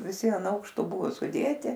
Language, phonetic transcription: Lithuanian, viˈsi an ˈaukšto ˈbuvo suˈdėti

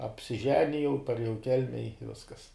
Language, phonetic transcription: Lithuanian, apsiˈženijau parėˈjau i ˈkelme i ˈviskas

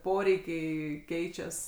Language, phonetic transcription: Lithuanian, ˈporeikiai ˈkeičias

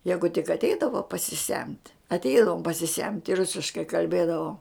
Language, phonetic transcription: Lithuanian, ˈjegu tik atˈeidavo pasiˈsemt' atˈeidavom pasiˈsemt' i ˈrusiškai kalˈbėdavom

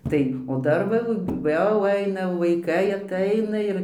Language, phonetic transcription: Lithuanian, ˈtai o ˈdar va jau ˈaina vaiˈkai atˈaina ir

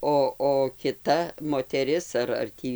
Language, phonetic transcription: Lithuanian, ˈo o kiˈta moteˈris ar ar ˈtį

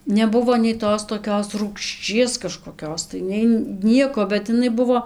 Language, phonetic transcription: Lithuanian, neˈbuvo nei ˈtos toˈkios rūgšˈčies kažkoˈkios tai nei ˈnieko bet iˈnai ˈbuvo

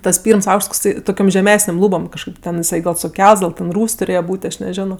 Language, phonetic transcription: Lithuanian, ˈtas ˈpyrms ˈaukšts tokˈsai toˈkiom žeˈmesnėm ˈlūbom kažˈkaip ten iˈsai suˈkelts gal ten ˈrūs' tuˈrėje ˈbūt' aš neˈženo

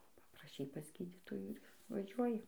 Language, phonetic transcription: Lithuanian, papraˈšei pas ˈgydytojų ir vaˈžiuoji

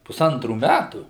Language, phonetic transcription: Lithuanian, puˈsantrų ˈmætų

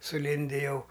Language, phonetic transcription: Lithuanian, suˈlindi ˈjau

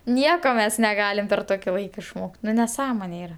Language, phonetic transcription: Lithuanian, ˈnieko ˈmes neˈgalim per ˈtoki ˈlaika išˈmok't' ˈnu neˈsąmone ˈyra

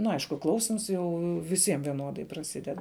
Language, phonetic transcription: Lithuanian, nu ˈaišku ˈklausims ˈjau viˈsiem vieˈnodai praˈsided

